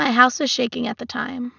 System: none